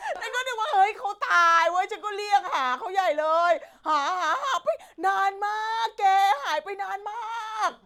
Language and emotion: Thai, happy